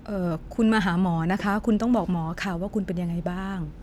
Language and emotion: Thai, neutral